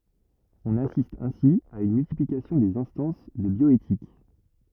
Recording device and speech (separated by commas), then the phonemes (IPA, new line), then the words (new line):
rigid in-ear microphone, read sentence
ɔ̃n asist ɛ̃si a yn myltiplikasjɔ̃ dez ɛ̃stɑ̃s də bjɔetik
On assiste ainsi à une multiplication des instances de bioéthique.